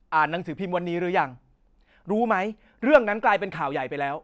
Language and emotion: Thai, angry